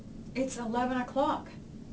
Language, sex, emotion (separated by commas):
English, female, neutral